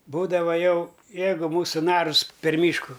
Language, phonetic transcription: Lithuanian, ˈbūdava ˈjau ˈjeigu ˈmūsu ˈnarus per ˈmyšku

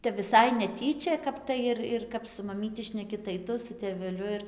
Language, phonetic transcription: Lithuanian, ˈtep viˈsai neˈtyčia ˈkap tai ir ir ˈkap su maˈmyti šneˈki tai ˈtu su tėveˈliu ir

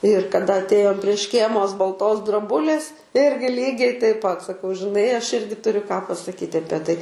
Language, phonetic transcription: Lithuanian, ir kaˈda atˈėjom prie ˈškėmos balˈtos droˈbulės ˈirgi ˈlygiai taip pat saˈkau žiˈnai ˈaš ˈirgi tuˈriu ką pasaˈkyt' ˈapie ˈtai

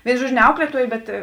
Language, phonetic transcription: Lithuanian, ˈvėinu ˈžuodžiu ne ˈauklietuojė ˈbet

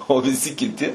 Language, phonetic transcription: Lithuanian, o viˈsi kiˈti

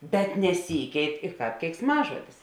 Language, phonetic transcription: Lithuanian, bet neˈsykeit i ˈkāp keiksˈmažuodis

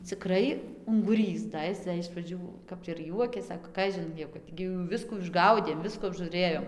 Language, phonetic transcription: Lithuanian, ciˈkrai unguˈrys da ˈis da iš praˈdžių kap ir ˈjuokės ˈsako ˈkažin jau ˈkad gi jau ˈviskų išˈgaudėm ˈviskų apžūˈrėjom

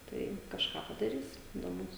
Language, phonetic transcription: Lithuanian, ˈtai kažˈką padaˈrys del ˈmūs

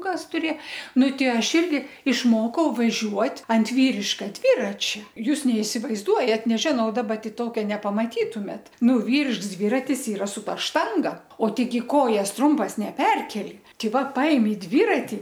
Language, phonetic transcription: Lithuanian, ˈkas ˈturė ˈnu ˈti ˈaš ˈirgi išˈmokau vaˈžiuot' ant ˈvyriška ˈdviračia ˈjūs neisivaizˈduojat neˈžinau daˈba ti ˈtokia nepamaˈtytumėt ˈnu ˈvyrišks ˈdviratis ˈyra su ˈta ˈštanga o ˈteigi ˈkojas ˈtrumpas neˈperkeli ˈtei ˈva ˈpaimi ˈdvirati

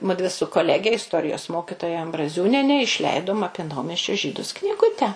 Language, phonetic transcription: Lithuanian, ˈmudvi su koˈlege isˈtorijos ˈmokitoja ambraˈziūniene išˈleidom ˈapie ˈnaumesčio ˈžydus kniˈgute

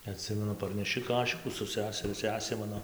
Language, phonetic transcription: Lithuanian, aˈtsimenu parneˈši ˈkašikų su ˈseseriu ˈsesė ˈmano

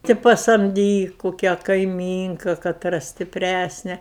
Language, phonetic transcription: Lithuanian, ti pasamˈdyk kuˈkią kaiˈmynka kaˈtra stipˈræsne

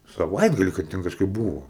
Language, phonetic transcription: Lithuanian, saˈvaitgali kad ˈten kažˈkaip ˈbūvo

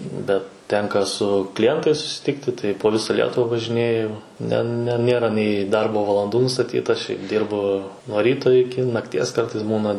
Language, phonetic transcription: Lithuanian, bet ˈtenka su kliˈjentais susiˈtikti tai po ˈvisa ˈlietuva važiˈnėju ne ne ˈnėra nei ˈdarbo valanˈdų nustaˈtyta šiaip ˈdyrbu nuo ˈryto iˈki nakˈties ˈkartais ˈbūna

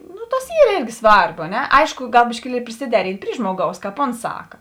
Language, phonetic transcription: Lithuanian, ˈnu ˈtas ˈyr ˈėrgi ˈsvarbu a ˈne ˈaišku ˈgal biškiˈlieli prisiˈderint' ˈpry ˈžmoˌgaus ˈkāp ˈons ˈsaka

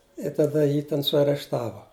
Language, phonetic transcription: Lithuanian, i taˈda ˈjį ten suarešˈtavo

